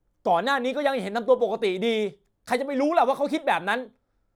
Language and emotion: Thai, angry